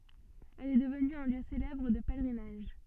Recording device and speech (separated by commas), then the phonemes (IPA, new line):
soft in-ear microphone, read sentence
ɛl ɛ dəvny œ̃ ljø selɛbʁ də pɛlʁinaʒ